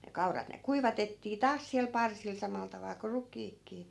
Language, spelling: Finnish, ne kaurat ne kuivatettiin taas siellä parsilla samalla tavalla kun rukiitkin
- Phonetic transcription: ne 'kaurat ne "kuivatettii "taas siäl 'parsil 'samal taval ko 'ruk̀iikkii .

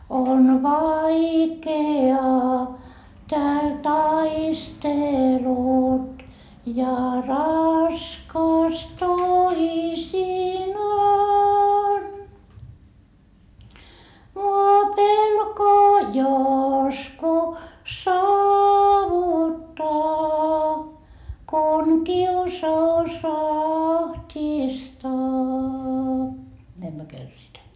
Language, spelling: Finnish, on vaikeaa täällä taistelut ja raskas toisinaan minua pelko josko saavuttaa kun kiusaus ahdistaa näin me kärsitään
- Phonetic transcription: on vaike₍aa tääl taistelut ja raskas toisinaan , mu₍a pelko josko saavuttaa kun kiusa₍us aht́istaa , 'näim myö "kärsitää .

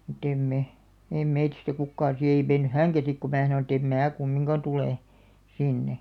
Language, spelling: Finnish, mutta ei me ei meistä kukaan sitten ei mennyt hänkään sitten kun minä sanoin että en minä kumminkaan tule sinne
- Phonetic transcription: mu't ‿em me , eim̆ meitistä 'kukkaan̬ si ei 'menny "häŋkä sik ku 'mää sanoⁿ ‿ᵉt‿ » em "mää 'kummiŋka 'tulè , 'sinne « .

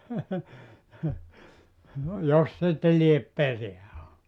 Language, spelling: Finnish, jos sitten lie perää ollut
- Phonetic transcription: 'jos 'sitte liep "pereä o .

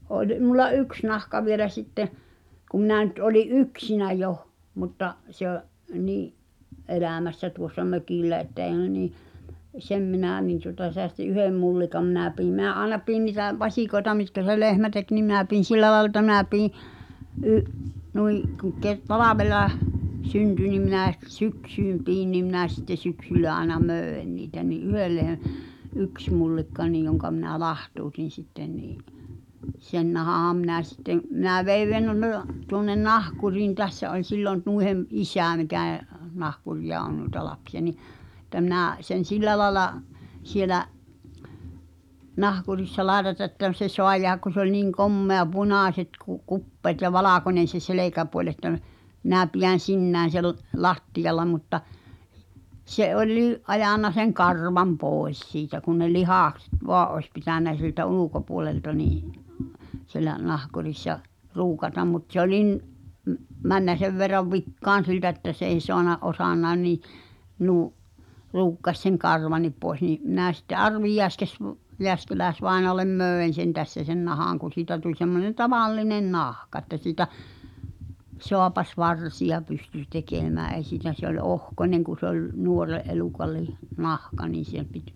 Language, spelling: Finnish, oli minulla yksi nahka vielä sitten kun minä nyt olin yksinään jo mutta se - niin elämässä tuossa mökillä että ei ne niin sen minä niin tuota säästin yhden mullikan minä pidin minä aina pidin niitä vasikoita mitkä se lehmä teki niin minä pidin sillä lailla että minä pidin - noin kun - talvella syntyi niin minä sitten syksyn pidin niin minä sitten syksyllä aina myin niitä niin yhden - yksi mullikka niin jonka minä lahtautin sitten niin sen nahan minä sitten minä vein tuonne nahkuriin tässä oli silloin noiden isä mikä nahkureita on noita lapsia niin että minä sen sillä lailla siellä nahkurissa laitatan että se saa jäädä kun se oli niin komea punaiset - kupeet ja valkoinen se selkäpuoli että - minä pidän sinään sen lattialla mutta se olikin ajanut sen karvan pois siitä kun ne lihakset vain olisi pitänyt siltä ulkopuolelta niin siellä nahkurissa ruukata mutta se olikin - mennyt sen verran vikaan siltä että se ei saanut osannutkaan niin - ruukkasi sen karvankin pois niin minä sitten Arvi - - - Jääskeläis-vainajalle myin sen tässä sen nahan kun siitä tuli semmoinen tavallinen nahka että siitä saapasvarsia pystyi tekemään ei siitä se oli ohkainen kun se oli nuoren elukan - nahka niin siihen piti
- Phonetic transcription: 'oĺ , mul̆la "yks nahka vielä 'sitte , kum̆ minä̀ nyt oli’ "’yksinä̳ joh , mutta’ , se ‿o’- , nii’ , '’elä̀mässä tuossa "mökillä että (èi̬ nə nii) , 'sem minä̀ , niin tuŏta seästi '’yhem mullikam mi̬nä piim , me̳ä̳ aĕna 'piin ni̳tä "vaśìkoeta mitkä se 'lehmä tek nim 'mⁱnä piin̬ "sillä laĕla ‿tta mⁱⁿnä 'pii , ’y- , nui , kuᵑ̬ ke- , 'talavela͕h , 'synty nim minä̀ sitte "syksym piin nim minä̀ sⁱᵗte 'syksyllä aĕna "mö̳ö̳en niitä ni '’yhel lehᵉ- , 'yks mullikka nìj joŋka minä "lahtuutin sitten nii’ , "sen nahaham minä̀ sittem̆ , mⁱnä 'vei tuŏnnen "nahkuriin 'tässä oĺ 'sillon 'nuihem , "’isä̀ mikä̀ , 'nahkuri₍a on nuĭta 'lapsi₍a ni , [et]tä minä̀ , sen̬ "sillä laĕla , 'sielä’ , 'nahkurissa "laetata ᵉttä se "soa jeähäk ku se ‿oĺ niŋ "kommea "punàśet ku- , 'kuppeet ja "valàkońen̬ se "selèkäpuoĺ että m- , minä̀ pijän̬ "sinnään̬ sel , 'lattijal̆la mutta , se 'oĺlii’ , '’ajànna seŋ "karvam "pòes siitä kun ne 'lihàkset "voa’ ’oĕs pitä̀nä siltä "ulukopuolelta nii’ , sielä 'nahkurissa , "ruukatam mut se ‿oĺin , m- , männä 'sev verrav "vikkaan̬ 'siltä että s ‿ei 'soana , '’osannai̬n nii , nuu- , 'ruukkaś seŋ "karvan̆nip poes nii , minä̀ sitte "’Arvi Jeäskes- v- , "Jeäskeläes -'vaenoalem "mö̀en̬ sen tässä sen 'nahàŋ kun̬ 'siitä tuĺ semmonen "tavallinen "nahka ᵉttä siitä , 'soapas"varsiʲa pysty 'tekemää ’ei siitä sᵉ ‿ol "ohkońeŋ ku se ‿oĺ , 'nuore’ ’eluka lih- , 'nahka niin̬ si̳[h]em pit ,.

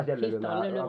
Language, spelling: Finnish, sitten toinen lyö
- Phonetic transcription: sit 'toine lyöp .

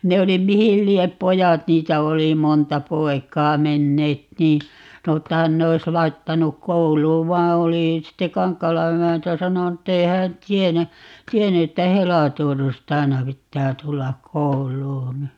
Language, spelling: Finnish, ne oli mihin lie pojat niitä oli monta poikaa menneet niin sanoi että hän ne olisi laittanut kouluun vaan oli sitten Kankaalan emäntä sanonut että ei hän tiennyt tiennyt että helatorstaina pitää tulla kouluun
- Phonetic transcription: 'ne oli "mihil 'liep "pojat - 'niitä 'oli "monta 'poi̮k̀aa - 'menneet nii , 'sano ‿tta 'hän ne ois 'laittanuk "kouluuv 'vaa oli , sitte "Kaŋkkaala 'emäntä 'sanonu ‿t'tei hään "tienä , "tienny että "helatorstaina 'pittää 'tullak̆ "kou"l̀uun̬ .

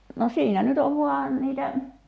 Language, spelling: Finnish, no siinä nyt on vain niitä
- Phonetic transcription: no 'siinä nyt ‿ov 'vuà niitä ,.

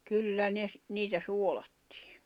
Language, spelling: Finnish, kyllä ne - niitä suolattiin
- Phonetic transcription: 'kyllä ne ‿s- , 'niitä 'suolattɪɪ .

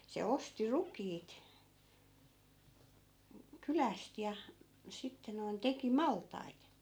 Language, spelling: Finnish, se osti rukiit kylästä ja sitten noin teki maltaita
- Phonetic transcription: se 'osti "rukiit , 'kyläst ja , 'sitte noin , 'teki "malt̆tait .

